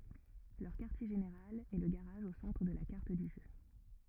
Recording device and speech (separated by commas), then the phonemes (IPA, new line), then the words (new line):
rigid in-ear microphone, read sentence
lœʁ kaʁtje ʒeneʁal ɛ lə ɡaʁaʒ o sɑ̃tʁ də la kaʁt dy ʒø
Leur quartier général est le garage au centre de la carte du jeu.